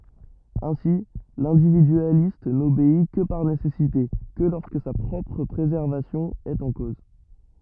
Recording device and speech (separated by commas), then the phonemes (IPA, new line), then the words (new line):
rigid in-ear microphone, read sentence
ɛ̃si lɛ̃dividyalist nobei kə paʁ nesɛsite kə lɔʁskə sa pʁɔpʁ pʁezɛʁvasjɔ̃ ɛt ɑ̃ koz
Ainsi, l'individualiste n'obéit que par nécessité, que lorsque sa propre préservation est en cause.